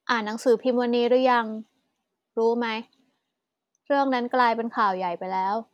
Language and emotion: Thai, neutral